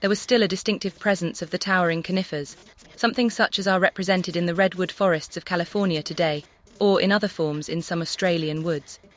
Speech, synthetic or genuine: synthetic